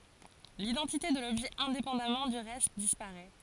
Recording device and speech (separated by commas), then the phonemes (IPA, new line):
forehead accelerometer, read sentence
lidɑ̃tite də lɔbʒɛ ɛ̃depɑ̃damɑ̃ dy ʁɛst dispaʁɛ